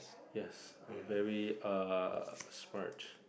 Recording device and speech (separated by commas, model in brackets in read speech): boundary microphone, conversation in the same room